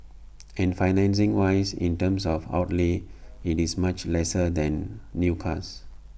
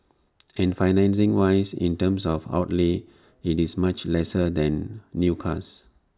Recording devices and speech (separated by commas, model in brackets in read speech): boundary microphone (BM630), standing microphone (AKG C214), read sentence